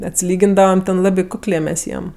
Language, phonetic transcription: Lithuanian, atsiˈlygindavam ten ˈlabi ˈkuklė mes ˈjiem

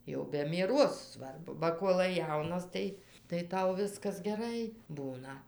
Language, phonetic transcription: Lithuanian, jau be mieˈros ˈsvarbu ba ˈkuolai ˈjaunas tai tai ˈtau ˈviskas geˈrai ˈbūna

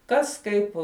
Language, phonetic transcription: Lithuanian, ˈkas ˈkaip

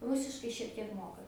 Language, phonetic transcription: Lithuanian, ˈrusiškai šiek tiek ˈmoka

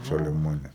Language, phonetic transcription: Lithuanian, ˈšalia ˈmane

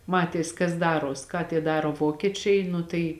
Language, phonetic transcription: Lithuanian, ˈmatės kas ˈdaros ką tie ˈdaro ˈvokiečiai ˈnu tai

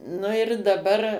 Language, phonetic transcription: Lithuanian, nu ir daˈbar

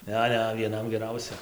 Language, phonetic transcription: Lithuanian, ˈne ˈne vieˈnam geˈrausia

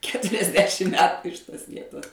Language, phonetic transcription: Lithuanian, keturiasˈdešim ˈmetu iš ˈtos ˈvietos

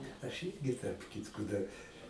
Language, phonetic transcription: Lithuanian, aš ˈirgi tarp ˈkitko dar

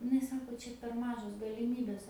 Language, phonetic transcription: Lithuanian, iˈnai ˈsako ˈčia per ˈmažos galiˈmybės

